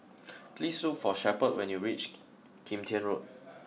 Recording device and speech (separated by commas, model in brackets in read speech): mobile phone (iPhone 6), read sentence